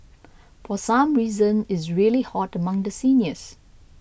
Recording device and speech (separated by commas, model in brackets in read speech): boundary microphone (BM630), read sentence